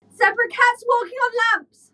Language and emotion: English, fearful